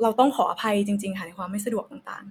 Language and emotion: Thai, neutral